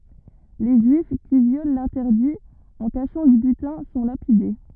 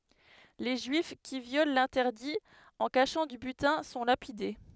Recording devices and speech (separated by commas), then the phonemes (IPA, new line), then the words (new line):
rigid in-ear microphone, headset microphone, read sentence
le ʒyif ki vjol lɛ̃tɛʁdi ɑ̃ kaʃɑ̃ dy bytɛ̃ sɔ̃ lapide
Les Juifs qui violent l'interdit en cachant du butin sont lapidés.